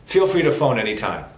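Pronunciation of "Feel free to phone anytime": The sentence is said very fast, but the f sounds are still heard.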